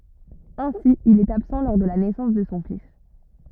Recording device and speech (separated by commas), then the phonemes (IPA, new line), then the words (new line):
rigid in-ear microphone, read sentence
ɛ̃si il ɛt absɑ̃ lɔʁ də la nɛsɑ̃s də sɔ̃ fis
Ainsi il est absent lors de la naissance de son fils.